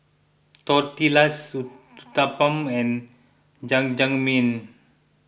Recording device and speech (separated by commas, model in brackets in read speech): boundary microphone (BM630), read sentence